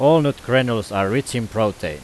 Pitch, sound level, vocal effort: 115 Hz, 92 dB SPL, very loud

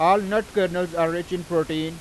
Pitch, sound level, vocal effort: 175 Hz, 96 dB SPL, very loud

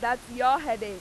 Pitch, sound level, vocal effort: 240 Hz, 100 dB SPL, very loud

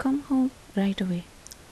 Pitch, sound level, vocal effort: 215 Hz, 75 dB SPL, soft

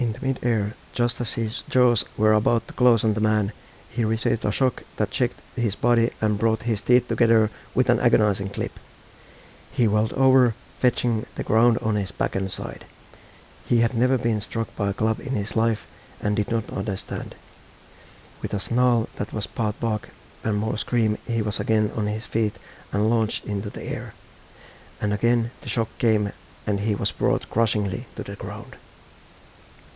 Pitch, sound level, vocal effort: 110 Hz, 79 dB SPL, soft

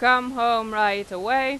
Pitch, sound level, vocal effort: 235 Hz, 98 dB SPL, loud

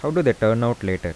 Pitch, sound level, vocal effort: 110 Hz, 84 dB SPL, soft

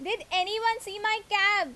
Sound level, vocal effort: 92 dB SPL, very loud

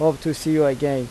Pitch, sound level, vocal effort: 150 Hz, 88 dB SPL, normal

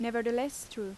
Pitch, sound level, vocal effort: 235 Hz, 84 dB SPL, normal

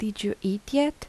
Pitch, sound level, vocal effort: 215 Hz, 79 dB SPL, soft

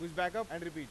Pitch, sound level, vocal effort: 170 Hz, 99 dB SPL, very loud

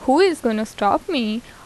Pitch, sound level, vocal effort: 245 Hz, 81 dB SPL, normal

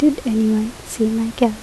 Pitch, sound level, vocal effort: 225 Hz, 75 dB SPL, soft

